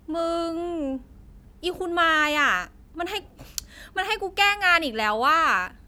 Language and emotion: Thai, frustrated